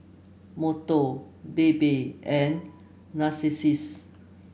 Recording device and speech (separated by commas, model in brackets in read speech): boundary microphone (BM630), read sentence